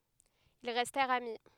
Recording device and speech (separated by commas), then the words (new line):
headset microphone, read sentence
Ils restèrent amis.